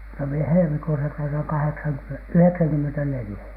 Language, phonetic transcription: Finnish, no mie 'helmikuusa täytäŋ 'kaheksaŋky- , "yheksäŋkymmentä'nelⁱjä .
- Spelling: no minä helmikuussa täytän - yhdeksänkymmentäneljä

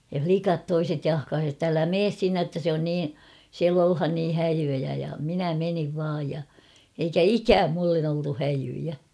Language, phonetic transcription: Finnish, ja "flikat 'toiset 'jahkaasi ᵉtt ‿älä "mees 'sinne ‿ttä se on "nii , 'siäl ‿olhan nii 'häjyjä ja 'minä 'meniv vaaj ja , eikä "ikääm mullen ‿oltu 'häjyjä .
- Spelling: ja likat toiset jahkasi että älä mene sinne että se on niin siellä ollaan niin häijyjä ja minä menin vain ja eikä ikään minulle oltu häijyjä

